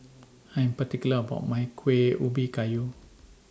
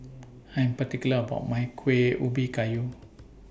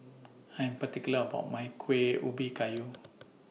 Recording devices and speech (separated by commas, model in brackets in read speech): standing microphone (AKG C214), boundary microphone (BM630), mobile phone (iPhone 6), read sentence